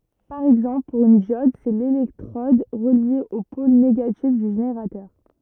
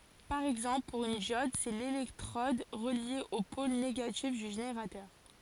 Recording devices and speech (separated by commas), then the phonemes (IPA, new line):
rigid in-ear microphone, forehead accelerometer, read sentence
paʁ ɛɡzɑ̃pl puʁ yn djɔd sɛ lelɛktʁɔd ʁəlje o pol neɡatif dy ʒeneʁatœʁ